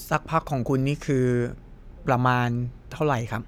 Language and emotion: Thai, neutral